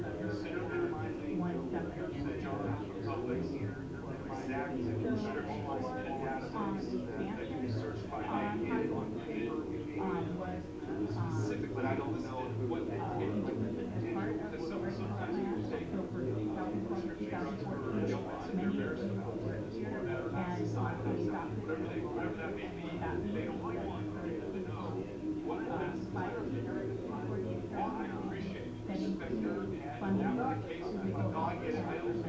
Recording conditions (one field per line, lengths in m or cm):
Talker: no one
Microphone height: 64 cm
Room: medium-sized (5.7 m by 4.0 m)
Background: babble